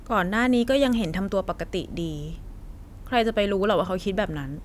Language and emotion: Thai, frustrated